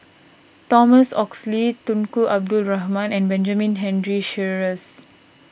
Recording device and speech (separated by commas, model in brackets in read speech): boundary microphone (BM630), read sentence